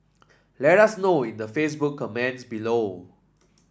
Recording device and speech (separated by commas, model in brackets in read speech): standing microphone (AKG C214), read sentence